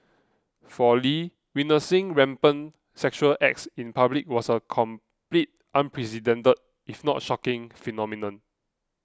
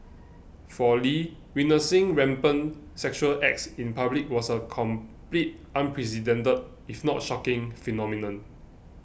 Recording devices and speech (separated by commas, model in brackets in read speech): close-talking microphone (WH20), boundary microphone (BM630), read sentence